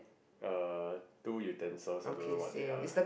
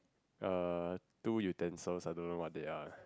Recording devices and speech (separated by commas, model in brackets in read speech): boundary microphone, close-talking microphone, conversation in the same room